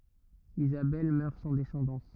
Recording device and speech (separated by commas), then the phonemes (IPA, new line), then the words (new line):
rigid in-ear microphone, read sentence
izabɛl mœʁ sɑ̃ dɛsɑ̃dɑ̃s
Isabelle meurt sans descendance.